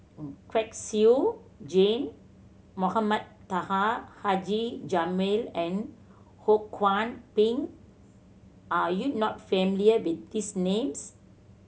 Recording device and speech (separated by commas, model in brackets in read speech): mobile phone (Samsung C7100), read sentence